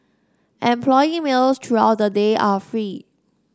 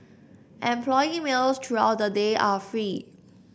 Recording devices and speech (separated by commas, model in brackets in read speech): standing microphone (AKG C214), boundary microphone (BM630), read sentence